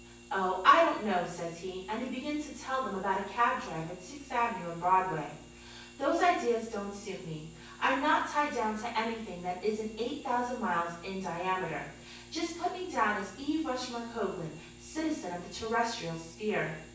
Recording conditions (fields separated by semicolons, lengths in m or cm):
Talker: one person; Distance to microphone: 9.8 m; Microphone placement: far; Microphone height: 1.8 m; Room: large; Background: none